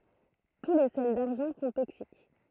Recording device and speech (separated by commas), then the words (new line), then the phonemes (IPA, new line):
throat microphone, read sentence
Tous les sels d'argent sont toxiques.
tu le sɛl daʁʒɑ̃ sɔ̃ toksik